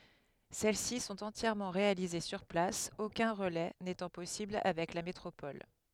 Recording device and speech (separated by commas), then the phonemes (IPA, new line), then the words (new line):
headset microphone, read sentence
sɛl si sɔ̃t ɑ̃tjɛʁmɑ̃ ʁealize syʁ plas okœ̃ ʁəlɛ netɑ̃ pɔsibl avɛk la metʁopɔl
Celles-ci sont entièrement réalisées sur place, aucun relais n'étant possible avec la métropole.